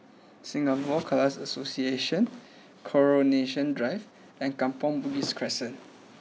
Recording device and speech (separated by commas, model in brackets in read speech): mobile phone (iPhone 6), read sentence